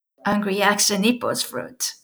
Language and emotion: English, happy